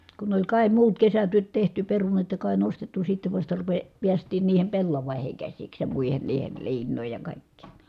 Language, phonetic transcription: Finnish, kun ‿oĺ kài muut kesätyöt tehty , perunat ja kài nostettu sittev vasta ruve- , piäst̀iin niihem pellavàiheŋ käsiks ja mùihen niihel liin̆nòij ja kàikkiin̬ .
- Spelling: kun oli kai muut kesätyöt tehty perunat ja kai nostettu sitten vasta - päästiin niihin pellaviin käsiksi ja muihin niihin liinoihin ja kaikkiin

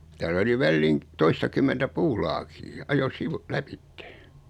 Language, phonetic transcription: Finnish, 'täll ‿oli 'välliiŋ , 'toistakymmentä "puulaakii , ajo 'sivu- , "läpittᴇ .
- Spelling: täällä oli väliin toistakymmentä puulaakia ajoi - lävitse

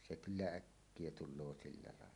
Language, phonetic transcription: Finnish, 'se "kyllä "äkkie 'tul̆loo sillä làella .
- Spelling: se kyllä äkkiä tulee sillä lailla

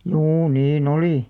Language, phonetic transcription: Finnish, juu 'nii"n ‿olì .
- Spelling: juu niin oli

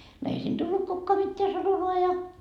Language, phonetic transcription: Finnish, no ei siin 'tullut kukkoa 'mitteä 'sanomaa ja .
- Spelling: no ei siinä tullut kukaan mitään sanomaan ja

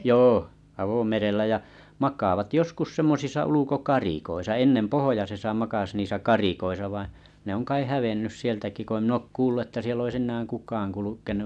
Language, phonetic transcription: Finnish, joo , 'avomerellä jä mak̀aavat semmosisa 'uluko'karikoisa ennen 'pohojasesa 'makas niisä "karikoisa vaiⁱ̰ , ne oŋ 'kai 'hävennys 'sieltäki ko ‿ⁱm mi'n ‿òk 'kuullu että siell ‿ois 'kuk̀aan 'kulukenu .
- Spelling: joo avomerellä ja makaavat semmoisissa ulkokarikoissa ennen pohjoisessa makasi niissä karikoissa vain ne on kai hävinnyt sieltäkin kun en minä ole kuullut että siellä olisi kukaan kulkenut

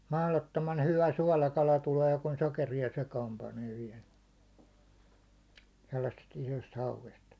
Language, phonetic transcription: Finnish, 'mahlottoman 'hyvä 'suålakala 'tulee kun 'sokeri₍a 'sekaam 'panee viɛl , 'sellassest isost "hauvest .
- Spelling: mahdottoman hyvä suolakala tulee kun sokeria sekaan panee vielä sellaisesta isosta hauesta

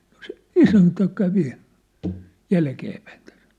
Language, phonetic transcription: Finnish, no se "isäntä kävi , "jälkeepäin tᴀ̈s .
- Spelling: no se isäntä kävi jälkeenpäin tässä

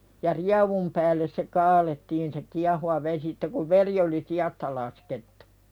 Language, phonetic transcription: Finnish, ja "riavum päälles se 'kaalettiin se "kiahuwa vesi (si)tte kuv "veri oli 'siʲasta laskettᴜ .
- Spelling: ja rievun päälle se kaadettiin se kiehuva vesi sitten kun veri oli siasta laskettu

